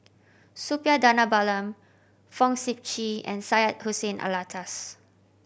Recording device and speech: boundary microphone (BM630), read sentence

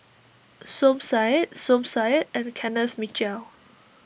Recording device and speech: boundary microphone (BM630), read sentence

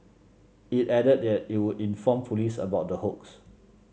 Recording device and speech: mobile phone (Samsung C7), read sentence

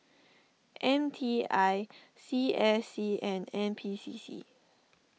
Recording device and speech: mobile phone (iPhone 6), read sentence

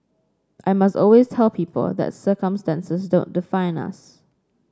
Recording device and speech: standing microphone (AKG C214), read sentence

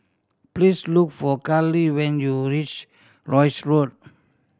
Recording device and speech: standing microphone (AKG C214), read sentence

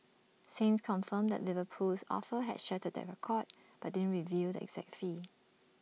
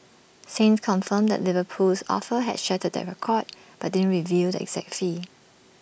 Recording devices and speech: mobile phone (iPhone 6), boundary microphone (BM630), read sentence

